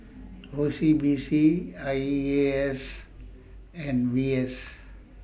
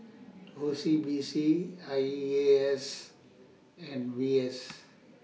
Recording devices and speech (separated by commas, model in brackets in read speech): boundary microphone (BM630), mobile phone (iPhone 6), read sentence